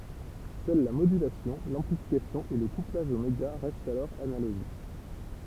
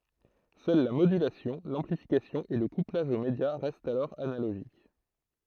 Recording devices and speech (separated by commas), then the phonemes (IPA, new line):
temple vibration pickup, throat microphone, read sentence
sœl la modylasjɔ̃ lɑ̃plifikasjɔ̃ e lə kuplaʒ o medja ʁɛstt alɔʁ analoʒik